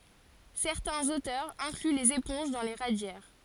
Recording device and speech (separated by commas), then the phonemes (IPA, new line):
forehead accelerometer, read sentence
sɛʁtɛ̃z otœʁz ɛ̃kly lez epɔ̃ʒ dɑ̃ le ʁadjɛʁ